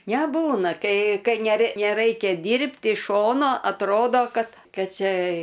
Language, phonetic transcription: Lithuanian, neˈbūna ˈkai ˈkai nerai neˈraikia ˈdyrbt' iš ˈšono atˈrodo ˈkad ˈkad ˈčia

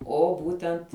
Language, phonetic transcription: Lithuanian, o ˈbūtent

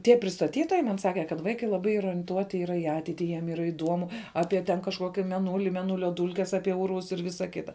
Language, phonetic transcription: Lithuanian, ˈtie pristaˈtytojai man ˈsake kad ˈvaikai laˈbai ˈyra orienˈtuoti ˈyra i ˈateiti jiem ˈyra iˈduomu ˈapie ten kažˈkuoki meˈnūli meˈnūlia ˈdūlkes ˈapie ˈūrvus ir ˈvisa ˈkita

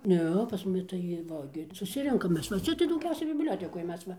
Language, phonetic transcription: Lithuanian, ˈne pas muˈmi tai ˈva gi suˈsirenkam ˈmes va ˈcia tai dauˈgiausiai bibˈliotekoj ˈmes va

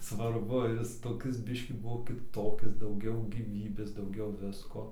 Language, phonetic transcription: Lithuanian, svarˈbu ˈjis toˈkis ˈbiškį ˈbuvo kiˈtokis dauˈgiau gyˈvybės dauˈgiau ˈvisko

